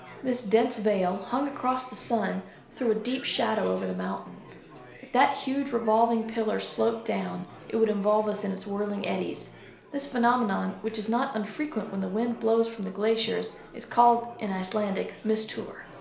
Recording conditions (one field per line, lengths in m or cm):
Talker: one person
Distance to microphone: 1.0 m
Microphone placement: close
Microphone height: 1.1 m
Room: small (3.7 m by 2.7 m)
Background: babble